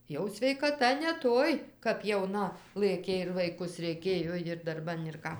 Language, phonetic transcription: Lithuanian, ˈjau sveikaˈta ne ˈtoj kap jauˈna ˈlɘkė ir vaiˈkus reiˈkėjo jir darˈban ir ˈką

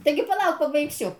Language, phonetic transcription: Lithuanian, ˈtaigi paˈlauk pabaigˈsiu

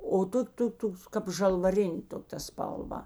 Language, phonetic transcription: Lithuanian, o ˈtok' ˈtok ˈtoks kap žalvaˈrinė ˈto ta spalˈva

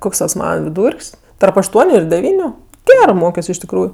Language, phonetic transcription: Lithuanian, ˈkoks tas ˈmana viˈdūr'k's' tarp ašˈtuoniu ir deˈvyniu ˈgerɜ ˈmokios iš tikˈrųju

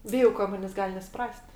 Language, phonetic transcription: Lithuanian, ˈbijau ka ˈmanės' ˈgal' nesuˈpras't'

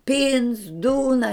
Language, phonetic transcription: Lithuanian, ˈpyns ˈdūna

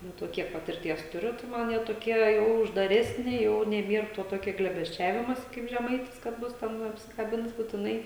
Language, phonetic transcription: Lithuanian, ˈnu to ˈkiek patirˈties tuˈriu tai ˈman ˈjie toˈkie jau uždaˈresni ˈjau neˈbier to ˈtokia glėbesˈčiavimosi kaip žeˈmaitis kad ˈbus ten apsikaˈbins butiˈnai

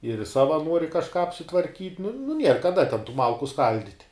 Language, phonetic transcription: Lithuanian, ir ˈsava ˈnuori kažˈką apsitvarˈkyt' nu nu ˈnier kaˈda ten tų ˈmalku ˈskaldit'

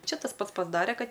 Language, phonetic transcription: Lithuanian, ˈčia tas ˈpats pasˈdare ˈkad

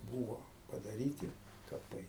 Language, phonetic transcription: Lithuanian, ˈbūvo padaˈryti kaˈpai

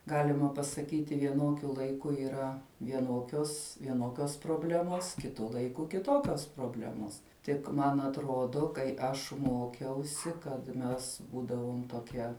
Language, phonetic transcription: Lithuanian, ˈgalima pasaˈkyti vieˈnokiu laiˈku yˈra vieˈnokios vieˈnokios proˈblemos kiˈtu laiˈku kiˈtokios proˈblemos ˈtik ˈman atˈrodo kai ˈaš ˈmokiausi kad ˈmes ˈbūdavom toˈkie

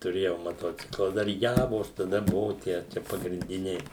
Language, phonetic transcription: Lithuanian, tuˈrėjau maˈtocikla ˈdar ˈjavos taˈda ˈbuvu ˈtie ˈčia pagrinˈdiniai

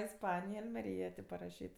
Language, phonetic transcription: Lithuanian, isˈpanija almeˈryja tė paraˈšyt

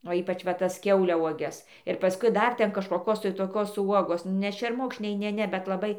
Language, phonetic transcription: Lithuanian, o ˈypač va ˈtas ˈkiauliauoges ir paˈskui ˈdar ˈten kažkoˈkos tai toˈkos ˈuogos ne šerˈmukšniai ˈne ˈne bet laˈbai

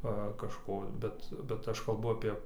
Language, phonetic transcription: Lithuanian, ˈva kažˈko ˈbet bet ˈaš kalˈbu apie

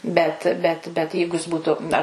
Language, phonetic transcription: Lithuanian, ˈbet ˈbet bet ˈjeigu jis ˈbūtu ar

